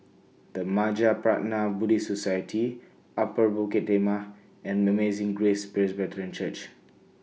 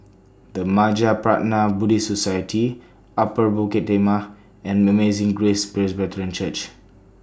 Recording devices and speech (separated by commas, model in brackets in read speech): mobile phone (iPhone 6), standing microphone (AKG C214), read sentence